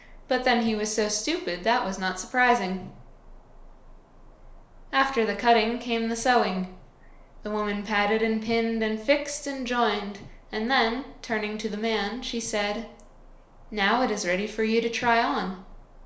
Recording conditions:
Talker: one person; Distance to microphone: 1.0 m; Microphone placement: close; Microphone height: 1.1 m; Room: small (3.7 m by 2.7 m); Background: none

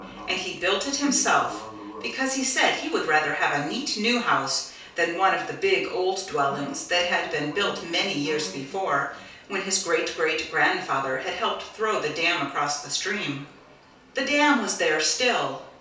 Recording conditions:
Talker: one person; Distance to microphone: 3.0 m; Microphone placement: far; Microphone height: 1.8 m; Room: small (3.7 m by 2.7 m); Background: television

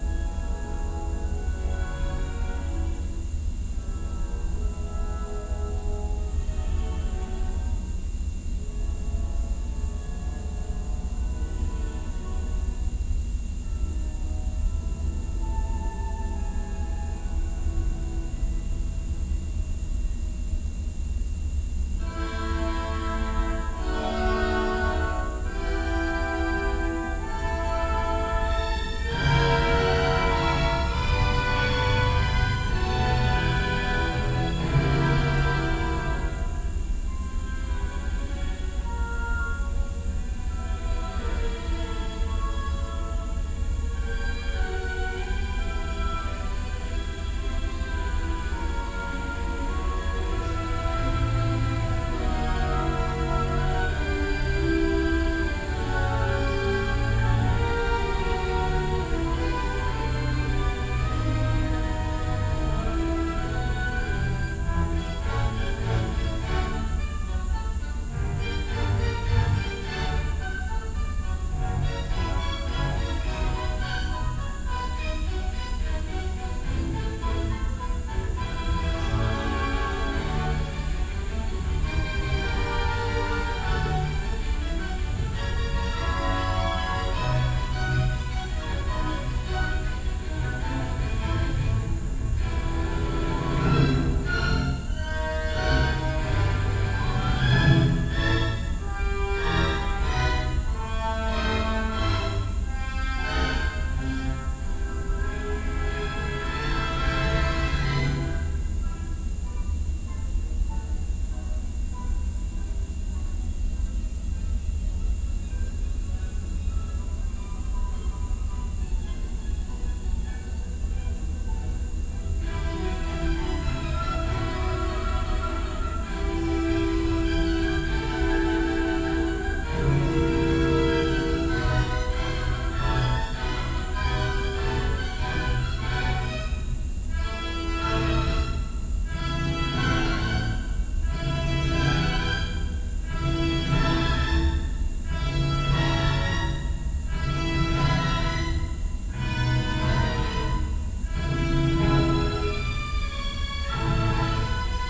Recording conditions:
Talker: no one; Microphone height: 1.8 m; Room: large; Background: music

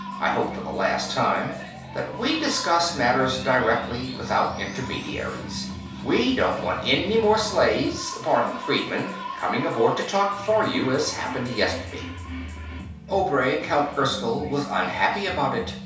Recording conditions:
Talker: one person; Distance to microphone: 3.0 m; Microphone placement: far; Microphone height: 1.8 m; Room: small (3.7 m by 2.7 m); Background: music

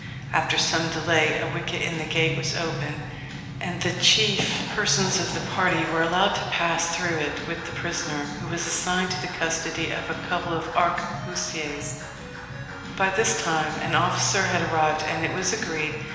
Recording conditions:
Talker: one person; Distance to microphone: 1.7 m; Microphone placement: close; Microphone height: 1.0 m; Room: very reverberant, large; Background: music

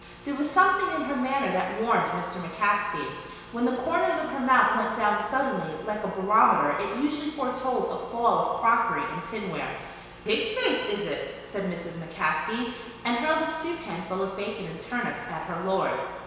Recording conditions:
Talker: one person; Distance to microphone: 1.7 m; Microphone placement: close; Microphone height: 1.0 m; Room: very reverberant, large; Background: none

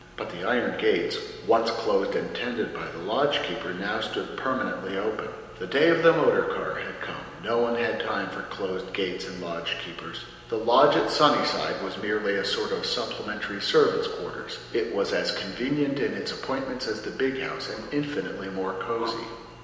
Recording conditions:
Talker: one person; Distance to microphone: 1.7 m; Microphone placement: close; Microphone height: 1.0 m; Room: very reverberant, large; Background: none

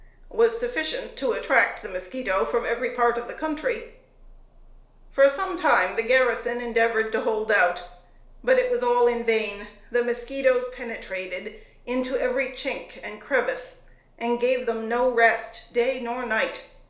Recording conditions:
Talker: one person; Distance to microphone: 1.0 m; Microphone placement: close; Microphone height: 1.1 m; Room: small (3.7 m by 2.7 m); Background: none

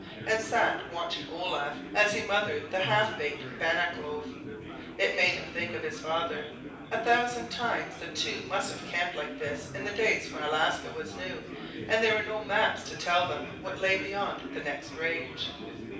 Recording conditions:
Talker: one person; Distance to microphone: 5.8 m; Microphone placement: far; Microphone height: 1.8 m; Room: medium-sized (5.7 m by 4.0 m); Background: babble

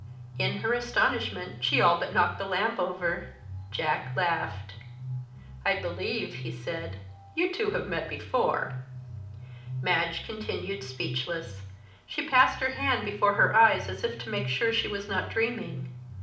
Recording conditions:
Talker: one person; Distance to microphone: 2.0 m; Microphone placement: close; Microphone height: 99 cm; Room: medium-sized (5.7 m by 4.0 m); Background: music

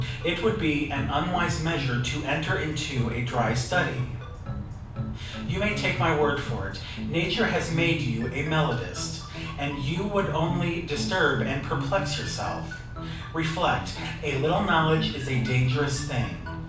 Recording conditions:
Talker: one person; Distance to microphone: 5.8 m; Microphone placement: far; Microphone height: 1.8 m; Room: medium-sized (5.7 m by 4.0 m); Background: music

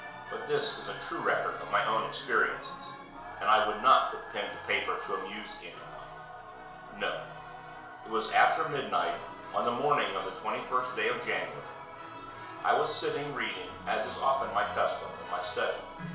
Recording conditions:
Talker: one person; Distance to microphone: 1.0 m; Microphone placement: close; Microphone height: 1.1 m; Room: small (3.7 m by 2.7 m); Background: television

